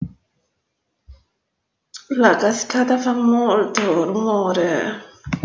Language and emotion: Italian, sad